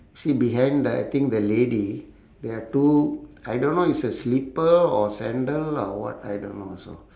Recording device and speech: standing microphone, conversation in separate rooms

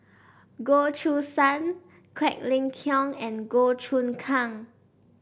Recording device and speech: boundary microphone (BM630), read sentence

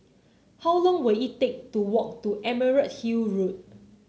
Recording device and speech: mobile phone (Samsung C9), read sentence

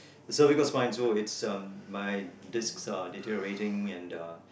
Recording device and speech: boundary microphone, conversation in the same room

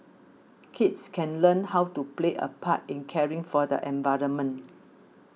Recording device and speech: mobile phone (iPhone 6), read sentence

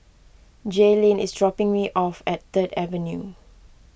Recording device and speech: boundary microphone (BM630), read sentence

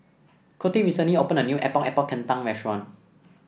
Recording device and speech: boundary microphone (BM630), read sentence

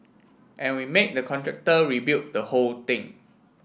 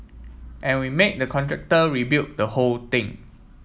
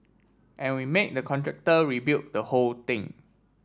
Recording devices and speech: boundary microphone (BM630), mobile phone (iPhone 7), standing microphone (AKG C214), read sentence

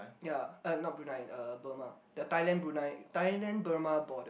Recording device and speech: boundary microphone, conversation in the same room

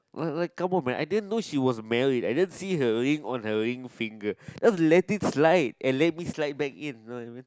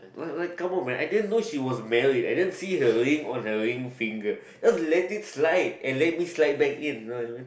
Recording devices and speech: close-talking microphone, boundary microphone, conversation in the same room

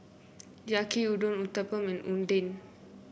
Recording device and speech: boundary microphone (BM630), read sentence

